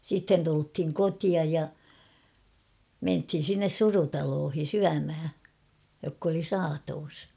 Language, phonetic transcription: Finnish, 'sitten tulthiŋ "kotiaj ja , 'menthin̬ sinnes "surutaloohi 'syämhä , jokk ‿oli "saatoos .
- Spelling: sitten tultiin kotiin ja mentiin sinne surutaloon syömään jotka oli saatossa

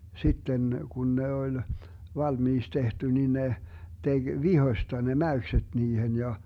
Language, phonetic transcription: Finnish, 'sitten , 'kun ne 'oĺ , 'valmiiks 'tehty ni ne , 'teG "vihośta ne 'mäykseD 'niihen ja , .
- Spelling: sitten kun ne oli valmiiksi tehty niin ne teki vihosta ne mäykset niihin ja

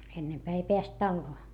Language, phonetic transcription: Finnish, ennempää ei peäst talloo .
- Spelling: ennempää ei päässyt taloon

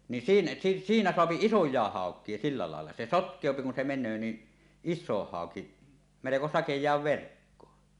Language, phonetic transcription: Finnish, ni siin- "siinä soapi "isoj̀àeh 'hàok̀ie silla làella , se "sotk̀èopi kun se 'men̆nöö ni , "is̆soh 'haoki , meleko "sakej̀aav 'verkkoo .
- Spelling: niin siinä siinä saa isojakin haukia sillä lailla se sotkeutuu kun se menee niin iso hauki melko sakeaan verkkoon

